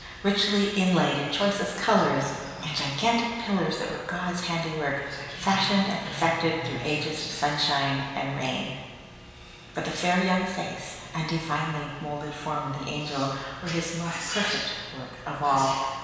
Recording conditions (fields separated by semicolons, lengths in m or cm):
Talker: one person; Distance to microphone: 1.7 m; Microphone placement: close; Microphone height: 1.0 m; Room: very reverberant, large; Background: television